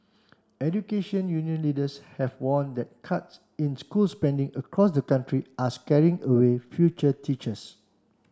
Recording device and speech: standing microphone (AKG C214), read sentence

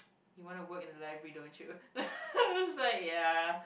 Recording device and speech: boundary microphone, conversation in the same room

